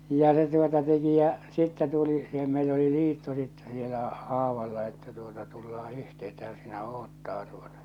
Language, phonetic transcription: Finnish, ja se tuota 'teki ja , 'sittä tuli , si̳hem 'meill ‿oli "liitto sittɛ sielä , 'aavalla että tuota 'tullaa 'yhte̳ että hän sìnä 'oottaa tuotᴀ .
- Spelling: ja se tuota teki ja sitten tuli siihen meillä oli liitto sitten siellä aavalla että tuota tullaan yhtenä että hän sinä odottaa tuota

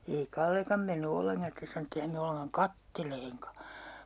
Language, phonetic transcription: Finnish, ei 'Kallekam menny 'olleŋkan̬ 'sⁱtes sano et't ‿ei häm me 'olleŋkaŋ "katteleeŋka .
- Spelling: ei Kallekaan mennyt ollenkaan sitten sanoi että ei hän mene ollenkaan katselemaankaan

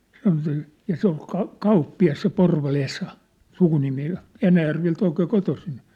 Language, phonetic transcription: Finnish, ja se ‿ol ka- , 'kauppi₍as se 'Porva'l ‿Esa , 'sukunimi ja , "Enäjärvel't ‿oikee "kotosin .
- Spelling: ja se oli - kauppias se Porvalin Esa sukunimi ja Enäjärveltä oikein kotoisin

